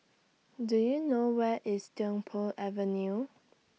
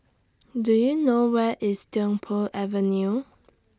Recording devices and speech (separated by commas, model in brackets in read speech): mobile phone (iPhone 6), standing microphone (AKG C214), read sentence